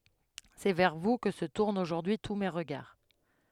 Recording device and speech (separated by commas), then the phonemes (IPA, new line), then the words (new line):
headset microphone, read sentence
sɛ vɛʁ vu kə sə tuʁnt oʒuʁdyi tu me ʁəɡaʁ
C’est vers vous que se tournent aujourd’hui tous mes regards.